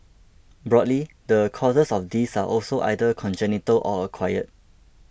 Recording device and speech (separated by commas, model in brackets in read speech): boundary microphone (BM630), read sentence